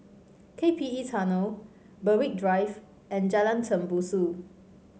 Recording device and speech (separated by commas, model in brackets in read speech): mobile phone (Samsung C5), read sentence